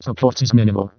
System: VC, vocoder